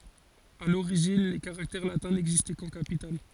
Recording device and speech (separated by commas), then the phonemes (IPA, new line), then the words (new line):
forehead accelerometer, read sentence
a loʁiʒin le kaʁaktɛʁ latɛ̃ nɛɡzistɛ kɑ̃ kapital
À l'origine, les caractères latins n'existaient qu'en capitales.